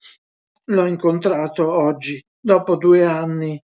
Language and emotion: Italian, fearful